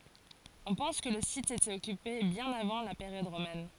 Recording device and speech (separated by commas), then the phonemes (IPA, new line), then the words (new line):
forehead accelerometer, read sentence
ɔ̃ pɑ̃s kə lə sit etɛt ɔkype bjɛ̃n avɑ̃ la peʁjɔd ʁomɛn
On pense que le site était occupé bien avant la période romaine.